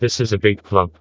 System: TTS, vocoder